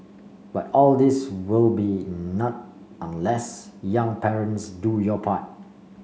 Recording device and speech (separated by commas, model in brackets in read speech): mobile phone (Samsung C5), read sentence